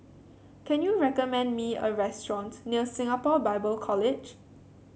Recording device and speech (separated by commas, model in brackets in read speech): mobile phone (Samsung C7), read sentence